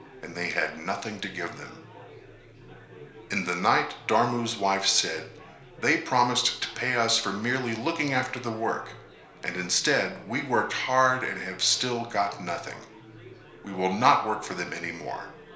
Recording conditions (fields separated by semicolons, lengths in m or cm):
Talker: one person; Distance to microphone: 1.0 m; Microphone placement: close; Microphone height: 1.1 m; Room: small (3.7 m by 2.7 m); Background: babble